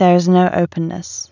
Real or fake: real